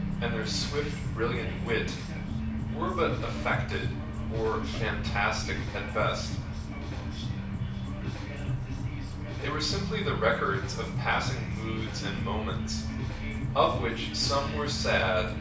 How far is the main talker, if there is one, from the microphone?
5.8 m.